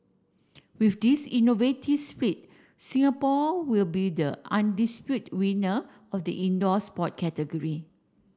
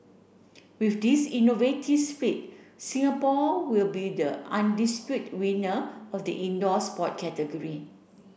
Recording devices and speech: standing microphone (AKG C214), boundary microphone (BM630), read sentence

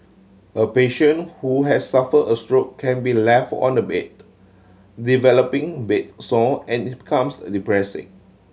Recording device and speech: mobile phone (Samsung C7100), read sentence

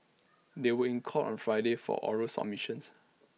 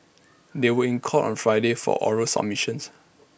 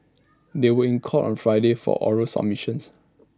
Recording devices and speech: mobile phone (iPhone 6), boundary microphone (BM630), standing microphone (AKG C214), read sentence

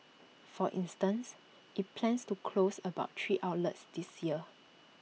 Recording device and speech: mobile phone (iPhone 6), read sentence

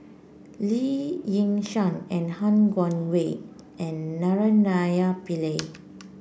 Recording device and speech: boundary microphone (BM630), read sentence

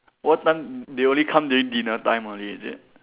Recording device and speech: telephone, conversation in separate rooms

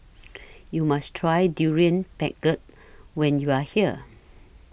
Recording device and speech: boundary microphone (BM630), read sentence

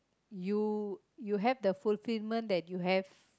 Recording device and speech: close-talking microphone, conversation in the same room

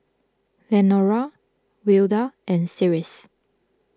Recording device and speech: close-talking microphone (WH20), read sentence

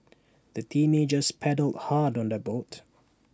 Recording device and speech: standing microphone (AKG C214), read sentence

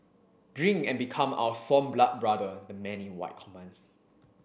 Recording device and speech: boundary microphone (BM630), read sentence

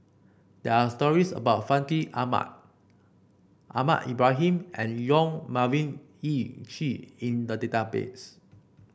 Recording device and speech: boundary microphone (BM630), read sentence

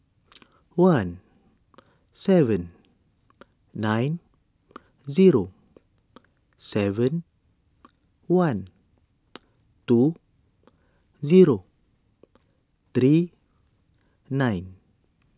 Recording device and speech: standing microphone (AKG C214), read sentence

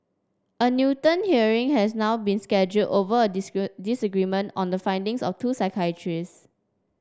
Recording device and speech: standing microphone (AKG C214), read sentence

